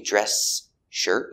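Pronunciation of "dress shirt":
'Dress shirt' is said the incorrect way here: the s at the end of 'dress' is heard before the sh of 'shirt'.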